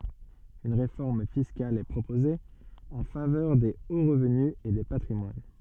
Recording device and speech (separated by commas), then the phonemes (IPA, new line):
soft in-ear microphone, read sentence
yn ʁefɔʁm fiskal ɛ pʁopoze ɑ̃ favœʁ de o ʁəvny e de patʁimwan